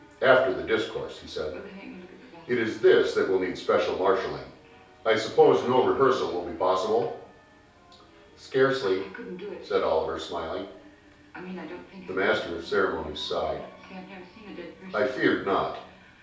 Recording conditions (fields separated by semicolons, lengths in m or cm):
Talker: one person; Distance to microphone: 3.0 m; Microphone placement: far; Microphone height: 1.8 m; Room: small (3.7 m by 2.7 m); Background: television